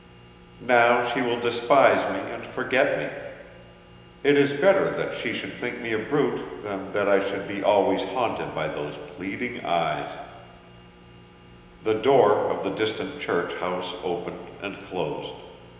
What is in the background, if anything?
Nothing.